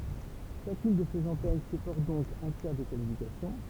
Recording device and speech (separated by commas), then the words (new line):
temple vibration pickup, read sentence
Chacune de ces antennes supporte donc un tiers des communications.